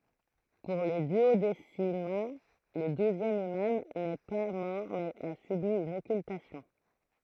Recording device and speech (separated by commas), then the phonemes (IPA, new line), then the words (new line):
throat microphone, read sentence
puʁ le dyodesimɛ̃ lə duzjɛm imam nɛ pa mɔʁ mɛz a sybi yn ɔkyltasjɔ̃
Pour les duodécimains, le douzième imam n'est pas mort mais a subi une occultation.